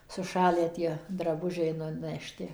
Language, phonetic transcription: Lithuanian, suˈšalę ˈtie draˈbužiai nunəšˈti

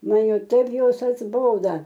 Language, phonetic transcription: Lithuanian, ˈman ˈjau ˈtaip ˈjos atsˈboda

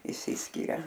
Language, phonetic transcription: Lithuanian, išˈsiskiria

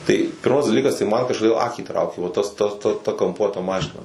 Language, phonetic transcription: Lithuanian, tai ˈpirmas daˈlykas tai man kažkoˈdėl ˈakį ˈtraukė va ˈtas ˈta ˈta ˈta kamˈpuota ˈmašina

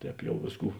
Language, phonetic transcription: Lithuanian, ˈtēp ˈjau ˈvėsˌkų

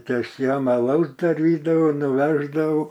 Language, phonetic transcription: Lithuanian, ˈtai ˈaš ˈjam aˈlaus daˈrydavau nuˈveždavau

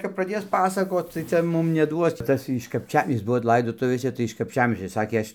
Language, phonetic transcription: Lithuanian, kap praˈdės ˈpasakot tai ˈcia ˈmum neˈduos ˈtas iš kapˈčiam ˈjis ˈbuvo ˈlaidotuvėse tai iš kapˈčiamiesčio ˈsakė ˈaš'

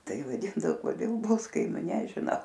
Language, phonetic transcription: Lithuanian, ˈtai vaˈdindao koˈdėlˈbluskaimiu nežiˈnau

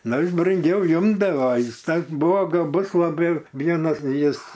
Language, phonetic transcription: Lithuanian, ˈnu ˈjis brunˈgiau imdavo ˈjis ˈtas ˈbuvo gaˈbus laˈbai ˈvienas ˈjis

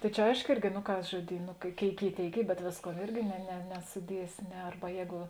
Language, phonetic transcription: Lithuanian, tai ˈčia ˈaiško ˈirgi no ˈkas žoˈdyn no ˈkėik ˈkėik ˈy ˈtėik ˈy bet ˈvėsˌkuo ˈirgi ne ne nesuˈdiesi ˈne ˈarba ˈjēgu

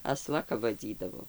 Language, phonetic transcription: Lithuanian, aˈsla kap vaˈdzydavo

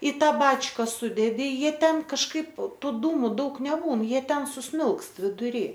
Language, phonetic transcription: Lithuanian, i ˈtą ˈbačka ˈsudedi ˈjie ˈten kažˈkaip ˈtų ˈdūmu ˈdaug neˈbūn ˈjie ˈten suˈsmilkst viduˈry

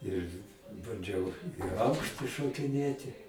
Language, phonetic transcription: Lithuanian, ir banˈdžiau i ˈaukšti šokiˈnėti

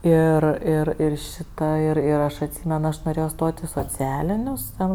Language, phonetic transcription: Lithuanian, ˈir ˈir ir ˈšita ir ir ˈaš atˈsymen ˈaš noˈrėjo ˈstot' i soˈcialinius ˈten

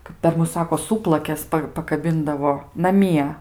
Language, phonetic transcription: Lithuanian, kap per ˈmus ˈsako ˈsūplakes ˈpa pakaˈbindavo naˈmie

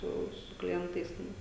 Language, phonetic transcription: Lithuanian, ˈsu su kliˈentais ˈten

